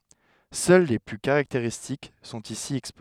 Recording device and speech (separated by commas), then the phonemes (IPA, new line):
headset microphone, read sentence
sœl le ply kaʁakteʁistik sɔ̃t isi ɛkspoze